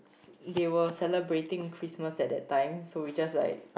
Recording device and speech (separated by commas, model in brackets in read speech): boundary microphone, conversation in the same room